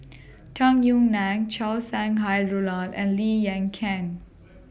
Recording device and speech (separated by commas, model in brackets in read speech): boundary microphone (BM630), read sentence